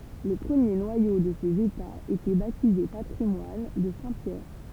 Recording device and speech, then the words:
temple vibration pickup, read sentence
Le premier noyau de ces États était baptisé patrimoine de saint Pierre.

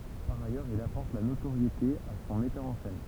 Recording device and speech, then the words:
temple vibration pickup, read sentence
Par ailleurs, il apporte la notoriété à son metteur en scène.

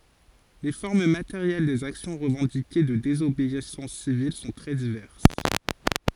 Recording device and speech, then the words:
forehead accelerometer, read sentence
Les formes matérielles des actions revendiquées de désobéissance civile sont très diverses.

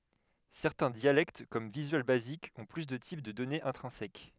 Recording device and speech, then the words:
headset microphone, read sentence
Certains dialectes comme Visual Basic ont plus de types de données intrinsèques.

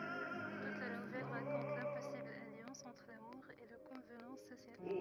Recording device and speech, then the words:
rigid in-ear microphone, read sentence
Toute la nouvelle raconte l'impossible alliance entre l'amour et les convenances sociales.

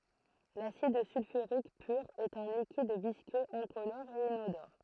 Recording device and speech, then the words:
throat microphone, read sentence
L'acide sulfurique pur est un liquide visqueux, incolore et inodore.

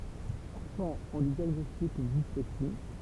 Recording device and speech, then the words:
temple vibration pickup, read sentence
Enfant, on lui diagnostique une dyslexie.

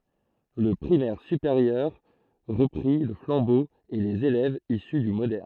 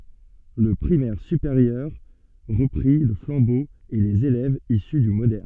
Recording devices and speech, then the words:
throat microphone, soft in-ear microphone, read sentence
Le primaire supérieur reprit le flambeau et les élèves issus du moderne.

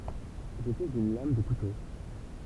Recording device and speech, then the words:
temple vibration pickup, read sentence
J'étais une lame de couteau.

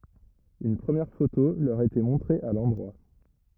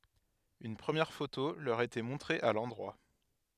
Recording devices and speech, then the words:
rigid in-ear microphone, headset microphone, read sentence
Une première photo leur était montrée à l'endroit.

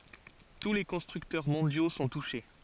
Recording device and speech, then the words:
forehead accelerometer, read sentence
Tous les constructeurs mondiaux sont touchés.

